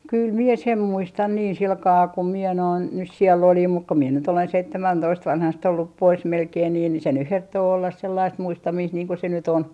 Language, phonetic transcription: Finnish, 'kyl mie "sem 'muistan niin 'silkaa kum miɛ noin nys siɛl'l ‿olim muk ku mie nyt ‿olen "seittemäntoist vanhast ollup 'pois melkein nii ni se nyh herttoo ollas 'sellaist "muistamiist niiŋ ku se ny't ‿on .
- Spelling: kyllä minä sen muistan niin sillä kalella kun minä noin nyt siellä olin mutta kun minä nyt olen seitsemäntoista vanhasta ollut pois melkein niin niin se nyt herttoo olla sellaista muistamista niin kuin se nyt on

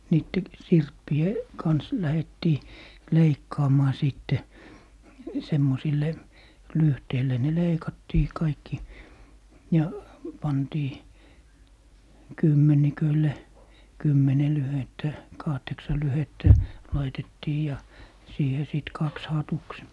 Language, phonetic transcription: Finnish, 'niitte , "sirppi₍e , 'kans , 'lähettii "leikkaamaa 'sìtte , 'semmosille , "lyhteille ne 'leikattii 'kaikki , ja , 'pantii , "kymmenikölle , "kymmene 'lyhettä , "kahteksa 'lyhettä , 'laitettii ja , 'siihe sit 'kaks "hatuks .
- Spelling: niiden sirppien kanssa lähdettiin leikkaamaan sitten semmoisille lyhteille ne leikattiin kaikki ja pantiin kymmenikölle kymmenen lyhdettä kahdeksan lyhdettä laitettiin ja siihen sitten kaksi hatuksi

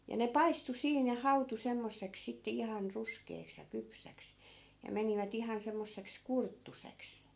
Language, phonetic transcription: Finnish, ja ne "paistu 'siin ja "hautu 'semmosseks sitte 'ihan 'ruskeeks ja 'kypsäks , ja 'menivä't ‿ihan 'semmosseks "kurttuseks .
- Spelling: ja ne paistui siinä ja hautui semmoiseksi sitten ihan ruskeaksi ja kypsäksi ja menivät ihan semmoiseksi kurttuiseksi

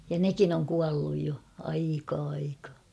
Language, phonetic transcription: Finnish, ja "nekin ‿oŋ 'kualluj jo , 'aikaa aikaa .
- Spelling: ja nekin on kuollut jo aikaa aikaa

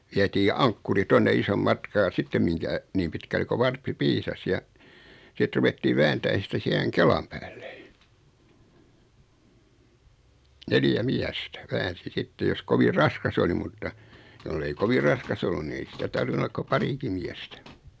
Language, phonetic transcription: Finnish, 'viɛtii "aŋkkuri 'tonne 'isom "matkaa ʲᵃ 'sittem miŋkä , 'niim pitkälle ko "varppi 'piisas ja , 'sit ruvettii 'vääntään̬ sitä 'siäheŋ "kelam päälle , 'neljä 'miästä , 'väänsi "sitte jos 'kovir "raskas oli 'mutta , 'jollei "kovi raskas ollun ni 'ei sitä 'tarvinu ollak ko "pariki miästä .
- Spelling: vietiin ankkuri tuonne ison matkaa ja sitten minkä niin pitkälle kuin varppi piisasi ja sitten ruvettiin vääntämään sitä siihen kelan päälle neljä miestä väänsi sitten jos kovin raskas oli mutta jos ei kovin raskas ollut niin ei sitä tarvinnut olla kuin parikin miestä

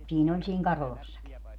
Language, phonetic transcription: Finnish, 'siin ‿oĺ siiŋ "Karolassaki .
- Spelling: siinä oli siinä Karolassakin

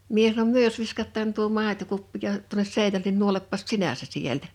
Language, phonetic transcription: Finnish, mie sanom » "myö (jo)s 'viskat̆taan tuo 'màetokuppi joho- , 'tuones 'sèinäl(en ni)n 'nuoleppas "sinä se 'sieltä « .
- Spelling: minä sanoin me jos viskataan tuo maitokuppi - tuonne seinälle niin nuolepas sinä se sieltä

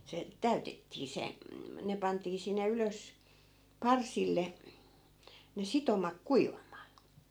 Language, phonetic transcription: Finnish, se , 'täytettii se , 'ne pantii sinne 'ylös , 'parsille , ne 'sitomak "kuivam̆maa .
- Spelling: se täytettiin se ne pantiin sinne ylös parsille ne sitomat kuivamaan

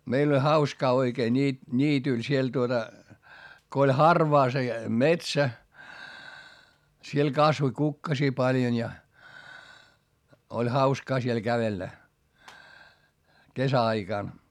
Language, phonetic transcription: Finnish, meil ‿oĺ hauskaa oikee ńii- , ńiityl siel tuota , ko oĺ harvaa se , metsä , siel kasvoⁱ kukkasii paljon ja , oĺ hauskaa siel kävellä , kesä₍aikàn .
- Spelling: meillä oli hauskaa oikein - niityllä siellä tuota kun oli harvaa se metsä siellä kasvoi kukkasia paljon ja oli hauskaa siellä kävellä kesäaikana

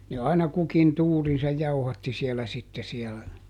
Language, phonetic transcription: Finnish, ne aina ˈkukin "tuurinsaj "jauhatti siɛlä ˈsitte siɛlä .
- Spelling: ne aina kukin tuurinsa jauhatti siellä sitten siellä

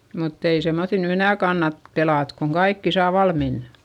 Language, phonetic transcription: Finnish, mutt ‿ei semmoϑil ny enä̀ kannat , pelàt koŋ kaikki saa valmin .
- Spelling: mutta ei semmoisilla nyt enää kannata pelata kun kaikki saa valmiina

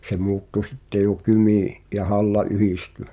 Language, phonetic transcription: Finnish, se 'mu̬uttu 'sitte jo "Kymì , ’ja 'Halla "yhisty .
- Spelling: se muuttui sitten jo Kymi ja Halla yhdistyi

